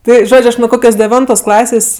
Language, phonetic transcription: Lithuanian, ˈtai ˈžodž' ˈaš nu ˈkokios deˈvintos ˈklasės'

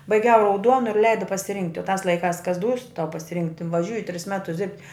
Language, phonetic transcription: Lithuanian, baiˈgiau rauˈduonu ir ˈleida pasiˈrinkti o tās laiˈkās kas dūs tau pasiˈrinkti vaˈžiūji tris ˈmetus dirbt'

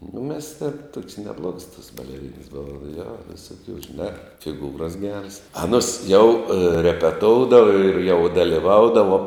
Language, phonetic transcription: Lithuanian, nu mes tėn tuok's' neˈbluogs tos baleˈrynas ˈbova jo visuˈkių žiˈnā fiˈgūras ˈgeras aˈnus jau repeˈtoudava ir jau daliˈvaudavo

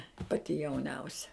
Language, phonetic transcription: Lithuanian, ˈpati jauˈniausia

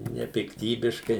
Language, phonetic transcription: Lithuanian, nepikˈtybiškai

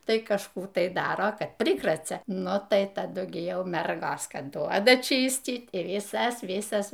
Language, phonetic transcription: Lithuanian, ˈtai kažˈkų tai ˈdaro ˈkad ˈprikracia ˈnu tai taˈdu gi ˈjau ˈmergos ˈkad ˈduoda ˈčystyt i viˈsas ˈvisas

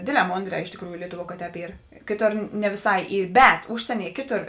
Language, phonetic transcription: Lithuanian, ˈdėdˌlē ˈmondrē iš tėkˈrųju ˈlietuˌvuo ka ˈtēp ˈyr ˈkėˌtor ne viˈsai ˈy ˈbet ˈužsieˌnie ˈkėˌtor

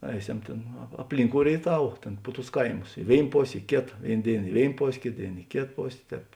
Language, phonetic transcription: Lithuanian, ˈeiˌsem ˈtėn a apˈlinˌkou rėiˈtav ˈtėn pu tus ˈkaimus i ˈvėin ˈpos' i ˈkėta ˈvėin ˈdėin i ˈvėin ˈpos' ˈkėt ˈdėin i ˈkėt ˈpos' ˈtēp

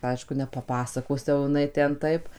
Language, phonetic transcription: Lithuanian, ˈaišku nepaˈpasakos jau jiˈnai ˈten ˈtaip

